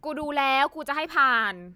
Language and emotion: Thai, frustrated